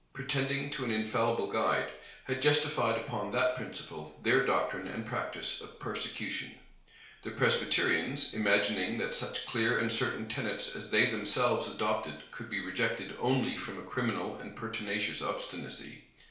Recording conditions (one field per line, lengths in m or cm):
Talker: one person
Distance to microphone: 1.0 m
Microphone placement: close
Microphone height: 1.1 m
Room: small (3.7 m by 2.7 m)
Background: none